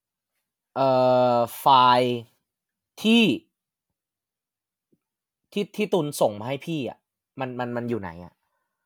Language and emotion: Thai, frustrated